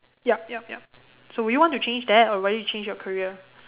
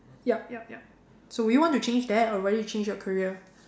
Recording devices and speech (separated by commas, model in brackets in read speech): telephone, standing microphone, conversation in separate rooms